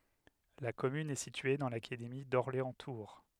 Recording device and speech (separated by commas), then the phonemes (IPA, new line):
headset microphone, read sentence
la kɔmyn ɛ sitye dɑ̃ lakademi dɔʁleɑ̃stuʁ